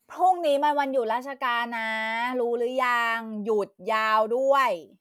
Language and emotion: Thai, frustrated